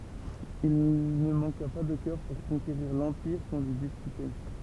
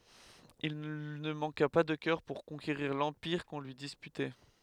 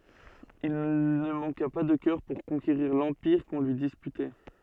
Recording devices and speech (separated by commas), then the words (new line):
temple vibration pickup, headset microphone, soft in-ear microphone, read sentence
Il ne manqua pas de cœur pour conquérir l’empire qu’on lui disputait.